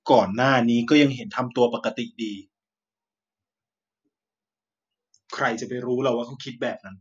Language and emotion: Thai, frustrated